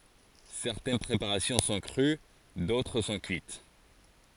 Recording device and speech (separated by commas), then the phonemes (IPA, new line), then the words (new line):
forehead accelerometer, read sentence
sɛʁtɛn pʁepaʁasjɔ̃ sɔ̃ kʁy dotʁ sɔ̃ kyit
Certaines préparations sont crues, d'autres sont cuites.